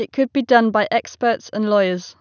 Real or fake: real